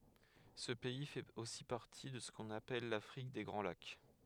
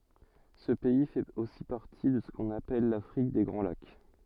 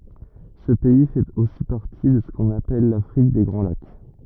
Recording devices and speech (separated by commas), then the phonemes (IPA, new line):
headset microphone, soft in-ear microphone, rigid in-ear microphone, read sentence
sə pɛi fɛt osi paʁti də sə kɔ̃n apɛl lafʁik de ɡʁɑ̃ lak